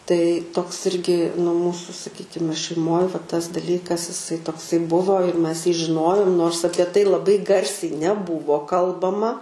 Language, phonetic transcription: Lithuanian, tai toks ˈirgi nu ˈmūsu saˈkykime šeiˈmoj va tas daˈlykas iˈsai tokˈsai ˈbuvo ir ˈmes jį žiˈnojom nors ˈapie tai laˈbai ˈgarsiai neˈbūvo ˈkalbama

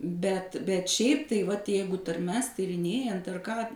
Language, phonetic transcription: Lithuanian, ˈbet bet ˈšiaip tai ˈvat ˈjeigu tarˈmes tyrinˈėjant ar ką

